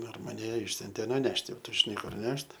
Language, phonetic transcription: Lithuanian, ˈdar maˈne ˈišsiuntė nuˈnešti ˈtu žiˈnai ˈkur ˈnešt

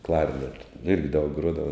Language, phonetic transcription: Lithuanian, ˈklaipidoj irgi daug ˈgruodava

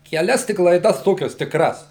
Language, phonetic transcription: Lithuanian, keˈlias ˈtik laiˈdas ˈtokias tikˈras

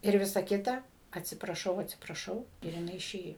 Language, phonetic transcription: Lithuanian, ir ˈvisa ˈkita atsipraˈšau atsipraˈšau ir jiˈnai iˈšėjo

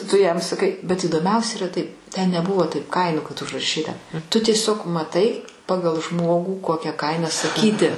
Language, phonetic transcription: Lithuanian, tu jam saˈkai bet įdoˈmiausia yˈra taip ten neˈbuvo taip ˈkainų kad užraˈšyta tu tieˈsiog maˈtai ˈpagal ˈžmogų ˈkokia ˈkaina saˈkyti

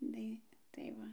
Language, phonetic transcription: Lithuanian, ˈdai tai ˈva

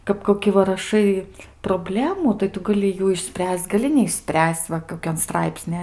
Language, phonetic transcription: Lithuanian, kap koˈki va raˈšai proˈblemų tai ˈtu gaˈli ˈjų išˈspręs'c' gaˈli neišˈspręs'c' ˈva koˈkianˈstraipsni

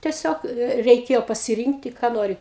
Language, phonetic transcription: Lithuanian, tieˈsiog e reiˈkėjo pasiˈrynkti ką ˈnori

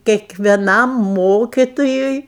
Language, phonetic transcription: Lithuanian, kiekveˈnam ˈmokitojui

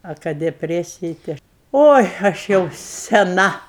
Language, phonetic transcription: Lithuanian, a ˈka deˈpresiji tai ˈaš ˈoi aš ˈjau seˈna

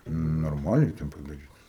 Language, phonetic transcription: Lithuanian, nu norˈmaliai ten padaˈryta

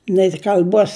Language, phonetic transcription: Lithuanian, nei kal'ˈbuos

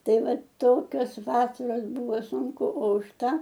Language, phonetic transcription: Lithuanian, ˈtai ˈva ˈtokios ˈvasaros ˈbūvo sunˈku o už ˈta

